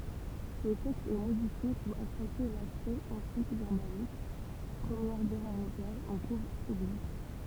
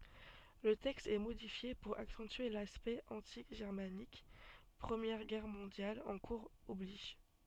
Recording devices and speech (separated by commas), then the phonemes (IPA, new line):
temple vibration pickup, soft in-ear microphone, read sentence
lə tɛkst ɛ modifje puʁ aksɑ̃tye laspɛkt ɑ̃ti ʒɛʁmanik pʁəmjɛʁ ɡɛʁ mɔ̃djal ɑ̃ kuʁz ɔbliʒ